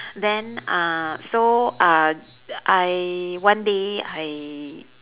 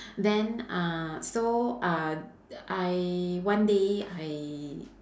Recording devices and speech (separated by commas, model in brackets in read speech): telephone, standing microphone, conversation in separate rooms